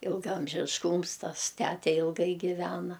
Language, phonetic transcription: Lithuanian, ilgaamžišˈkūms ˈtas ˈtæte ilˈgai giˈvena

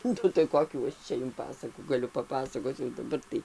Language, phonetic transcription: Lithuanian, ˈnu tai ˈkokių ˈčia jum ˈpasakų gaˈliu paˈpasakoc jau daˈbar tai

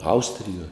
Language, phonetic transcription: Lithuanian, ˈaustrijuoj

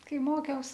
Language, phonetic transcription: Lithuanian, ˈkai ˈmokiaus

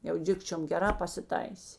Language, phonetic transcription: Lithuanian, jau ˈdikčiom geˈrā pasiˈtaisė

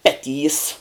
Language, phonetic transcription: Lithuanian, ˈpeˌtys

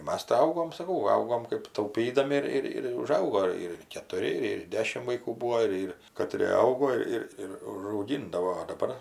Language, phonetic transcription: Lithuanian, ˈmas tai ˈaugom saˈkau ˈaugom kɜp tauˈpydami ir ir ˈir uˈžaugo ir ketuˈri ir ir ˈdešim vaiˈkų ˈbūo ˈir ir kaˈtrė ˈaugo ˈir ir užauˈgindavo o daˈbar

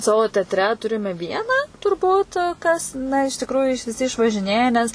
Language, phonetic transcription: Lithuanian, ˈsavo ˈteatre ˈturime ˈvieną turˈbūt kas ˈna iš tikruju iš viˈsi išvažiˈnėje ˈnes

